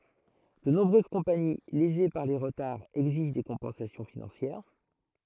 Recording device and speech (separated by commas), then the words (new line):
throat microphone, read sentence
De nombreuses compagnies, lésées par les retards, exigent des compensations financières.